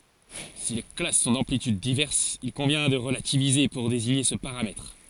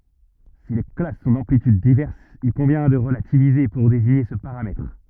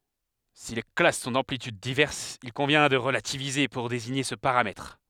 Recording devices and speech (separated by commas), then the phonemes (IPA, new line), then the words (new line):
forehead accelerometer, rigid in-ear microphone, headset microphone, read sentence
si le klas sɔ̃ dɑ̃plityd divɛʁsz il kɔ̃vjɛ̃ də ʁəlativize puʁ deziɲe sə paʁamɛtʁ
Si les classes sont d'amplitudes diverses, il convient de relativiser pour désigner ce paramètre.